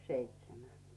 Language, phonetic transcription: Finnish, seitsemä .
- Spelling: seitsemän

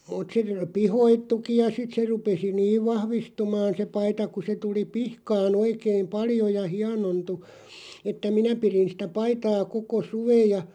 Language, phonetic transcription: Finnish, mut se , "pihoittuki ja 'sit se 'rupesi "niiv 'vahvistumaan se 'paita ku se 'tuli "pihkaa'n ‿oikeiᵐ "paljo ja "hianontu , että "minä pirin sⁱtä 'paitaa 'koko "suveʲ ja ,.
- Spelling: mutta se pihkoittukin ja sitten se rupesi niin vahvistumaan se paita kun se tuli pihkaan oikein paljon ja hienontui että minä pidin sitä paitaa koko suven ja

